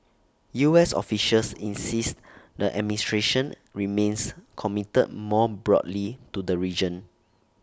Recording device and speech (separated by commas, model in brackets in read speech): standing microphone (AKG C214), read sentence